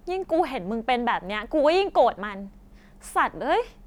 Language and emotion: Thai, angry